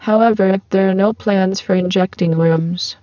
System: VC, spectral filtering